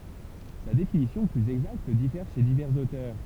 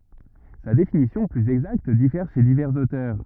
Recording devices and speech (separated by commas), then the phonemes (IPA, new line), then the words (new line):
temple vibration pickup, rigid in-ear microphone, read sentence
sa defininisjɔ̃ plyz ɛɡzakt difɛʁ ʃe divɛʁz otœʁ
Sa défininition plus exacte diffère chez divers auteurs.